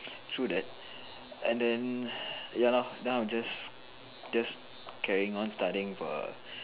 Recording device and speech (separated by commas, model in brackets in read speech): telephone, conversation in separate rooms